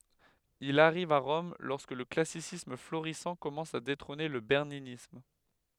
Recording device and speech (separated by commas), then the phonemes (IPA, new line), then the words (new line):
headset microphone, read sentence
il aʁiv a ʁɔm lɔʁskə lə klasisism floʁisɑ̃ kɔmɑ̃s a detʁɔ̃ne lə bɛʁninism
Il arrive à Rome lorsque le classicisme florissant commence à détrôner le berninisme.